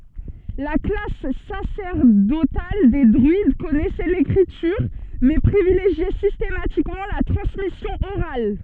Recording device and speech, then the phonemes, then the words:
soft in-ear microphone, read sentence
la klas sasɛʁdotal de dʁyid kɔnɛsɛ lekʁityʁ mɛ pʁivileʒjɛ sistematikmɑ̃ la tʁɑ̃smisjɔ̃ oʁal
La classe sacerdotale des druides connaissait l'écriture, mais privilégiait systématiquement la transmission orale.

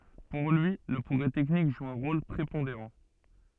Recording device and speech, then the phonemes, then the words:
soft in-ear microphone, read sentence
puʁ lyi lə pʁɔɡʁɛ tɛknik ʒu œ̃ ʁol pʁepɔ̃deʁɑ̃
Pour lui, le progrès technique joue un rôle prépondérant.

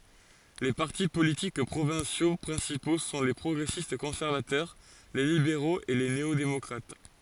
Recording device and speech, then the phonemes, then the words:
forehead accelerometer, read sentence
le paʁti politik pʁovɛ̃sjo pʁɛ̃sipo sɔ̃ le pʁɔɡʁɛsistkɔ̃sɛʁvatœʁ le libeʁoz e le neodemɔkʁat
Les partis politiques provinciaux principaux sont les progressistes-conservateurs, les libéraux, et les néo-démocrates.

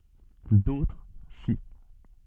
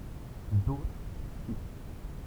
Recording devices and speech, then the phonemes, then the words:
soft in-ear microphone, temple vibration pickup, read sentence
dotʁ si
D'autres, si.

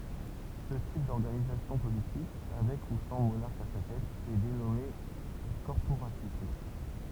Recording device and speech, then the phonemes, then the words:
temple vibration pickup, read sentence
sə tip dɔʁɡanizasjɔ̃ politik avɛk u sɑ̃ monaʁk a sa tɛt ɛ denɔme kɔʁpoʁatism
Ce type d'organisation politique, avec ou sans monarque à sa tête, est dénommé corporatisme.

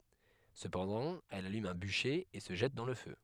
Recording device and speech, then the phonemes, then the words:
headset microphone, read sentence
səpɑ̃dɑ̃ ɛl alym œ̃ byʃe e sə ʒɛt dɑ̃ lə fø
Cependant, elle allume un bûcher et se jette dans le feu.

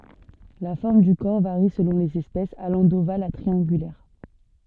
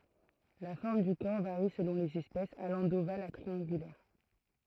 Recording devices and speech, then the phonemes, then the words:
soft in-ear microphone, throat microphone, read sentence
la fɔʁm dy kɔʁ vaʁi səlɔ̃ lez ɛspɛsz alɑ̃ doval a tʁiɑ̃ɡylɛʁ
La forme du corps varie selon les espèces, allant d'ovale à triangulaire.

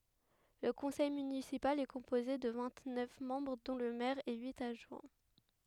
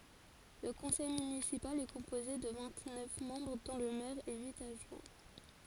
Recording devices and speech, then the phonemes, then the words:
headset microphone, forehead accelerometer, read sentence
lə kɔ̃sɛj mynisipal ɛ kɔ̃poze də vɛ̃t nœf mɑ̃bʁ dɔ̃ lə mɛʁ e yit adʒwɛ̃
Le conseil municipal est composé de vingt-neuf membres dont le maire et huit adjoints.

